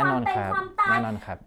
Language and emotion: Thai, neutral